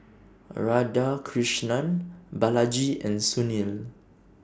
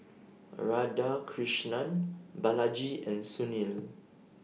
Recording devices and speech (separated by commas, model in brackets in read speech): standing microphone (AKG C214), mobile phone (iPhone 6), read sentence